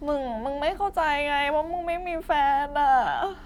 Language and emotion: Thai, sad